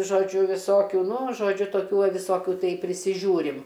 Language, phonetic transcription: Lithuanian, žoˈdžiu viˈsokių ˈnu žoˈdžiu toˈkių ˈva viˈsokiu ˈtai prisiˈžiūrim

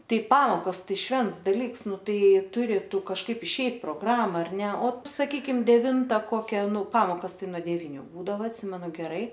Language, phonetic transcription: Lithuanian, ˈtai ˈpamokos ˈtai ˈšvents daˈlyks ˈnu ˈtai ˈjei ˈturi ˈtu kažˈkaip išˈeit progˈrama ar ˈne o saˈkykim deˈvinta ˈkokia ˈnu ˈpamokas ˈtai nuo deˈvyniu ˈbūdava atˈsimenu geˈrai

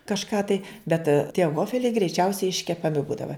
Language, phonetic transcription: Lithuanian, kažˈką tai bet tie ˈvofeliai greiˈčiausiai iškepaˈmi ˈbūdava

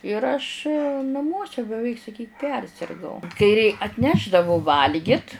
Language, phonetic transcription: Lithuanian, ir aš naˈmuose beˈveik saˈkyk ˈpersirgau kai rei atˈnešdavu ˈvalgit

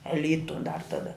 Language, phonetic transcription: Lithuanian, e ˈlytu dar taˈda

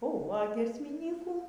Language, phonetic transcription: Lithuanian, oˈho a giesmiˈnykų

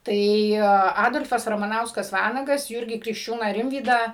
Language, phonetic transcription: Lithuanian, ˈtai ˈadol'fas ramaˈnauskas ˈvanagas ˈjūrgį krikšˈčiūną ˈrimvydą

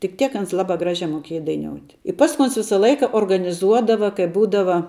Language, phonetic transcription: Lithuanian, tik ˈtiek ˈans ˈlabā ˈgražē moˈkėja daiˈniout' i ˈpasku ˈons ˈvisa ˈlaika organiˈzuodava kai ˈbūdava

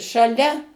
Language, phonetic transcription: Lithuanian, šaˈlia

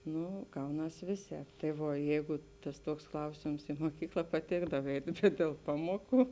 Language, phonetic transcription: Lithuanian, ˈnu ˈgauˌnas ˈvėˌsēp tai ˈvuo ˈjeigu ˈtas ˈtuoks ˈklausėms i moˈkykla paˈtėkdav ˈeit' bet dėl ˈpamuoˌkų

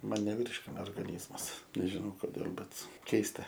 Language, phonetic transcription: Lithuanian, ˈman neˈvyrškina orgaˈnyzmas nežiˈnau koˈdėl bet ˈkeista

